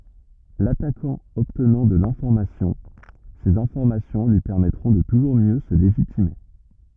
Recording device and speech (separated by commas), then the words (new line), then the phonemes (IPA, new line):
rigid in-ear microphone, read sentence
L’attaquant obtenant de l’information, ces informations lui permettront de toujours mieux se légitimer.
latakɑ̃ ɔbtnɑ̃ də lɛ̃fɔʁmasjɔ̃ sez ɛ̃fɔʁmasjɔ̃ lyi pɛʁmɛtʁɔ̃ də tuʒuʁ mjø sə leʒitime